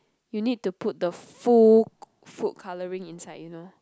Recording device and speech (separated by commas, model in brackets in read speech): close-talking microphone, conversation in the same room